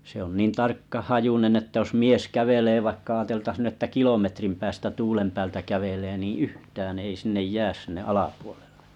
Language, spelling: Finnish, se on niin tarkkahajuinen että jos mies kävelee vaikka ajateltaisi nyt että kilometrin päästä tuulen päältä kävelee niin yhtään ei sinne jää sinne alapuolelle
- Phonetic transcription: se ‿on 'nìn 'tarkka'hajunen että jos 'mìes 'kävelee vaìkkă aateltas nʸ ‿ᵉttä 'kilometrim päästä 'tulem pääl tä 'kävelee nì "yhtään ei sinnej 'jääs sinne 'alaapuoʟᴇʟʟᴇ .

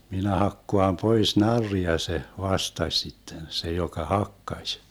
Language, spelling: Finnish, minä hakkaan pois narria se vastasi sitten se joka hakkasi
- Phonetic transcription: » 'minä 'hakkoam 'pois 'narria » se , 'vastaś 'sitten 'se joka "hakkaś .

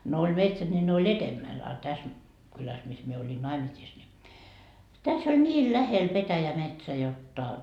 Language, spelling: Finnish, no oli metsät niin ne oli edemmällä a tässä kylässä missä minä olin naimisissa niin tässä oli niin lähellä petäjämetsä jotta
- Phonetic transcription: no oĺ 'metsät ńi ne oĺ "etemmäl a täs , kyläs 'mis mie oĺin 'naimisiis ni , 'täs ‿ol 'ńiil 'lähel 'petäjämetsä 'jot"ta .

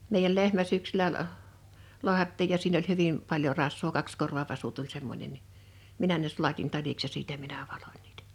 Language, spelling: Finnish, meidän lehmä syksyllä - lahdattiin ja siinä oli hyvin paljon rasvaa kaksikorvavasu tuli semmoinen niin minä ne sulatin taliksi ja siitä minä valoin niitä
- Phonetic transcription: mèijäl 'lehmä 'sʏksylä ə’ , 'loahattiij ja siin ‿oĺ 'hyvim , 'paljo 'ras̀voo 'kakskorvavasu tuĺ semmońen ni , 'minä ne 'sulatin 'taliks ja 'siitä minä valᴏɴ́ ɴɪɪtᴀ̈ .

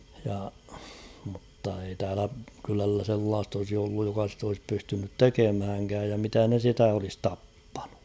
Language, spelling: Finnish, ja mutta ei täällä kylällä sellaista olisi ollut joka sitä olisi pystynyt tekemäänkään ja mitä ne sitä olisi tappanut
- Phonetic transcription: ja , mutta ei 'täälä kylällä 'sellaast ‿olsi olluj joka sit ‿olis 'pystynyt "tekemhäŋkääj ja 'mitä ne 'sitä olis "tappᴀɴᴜ .

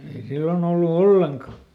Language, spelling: Finnish, ei silloin ollut ollenkaan
- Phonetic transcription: ei ˈsillon ‿ollu "olleŋka !

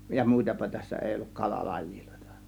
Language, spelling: Finnish, ja muitapa tässä ei ollut - kalalajeja
- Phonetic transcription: ja 'mùitapa tässä 'èi olluk 'kala "lajÌLOe̬tA .

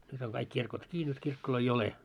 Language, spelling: Finnish, nyt on kaikki kirkot kiinni nyt kirkkoja ole
- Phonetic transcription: 'nyt oŋ kaik 'kirkot 'ki nyt 'kirkkoloi "ole .

